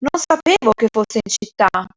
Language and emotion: Italian, surprised